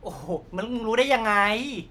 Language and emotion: Thai, frustrated